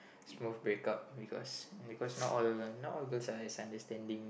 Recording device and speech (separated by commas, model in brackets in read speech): boundary microphone, conversation in the same room